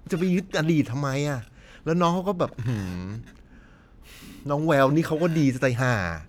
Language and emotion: Thai, frustrated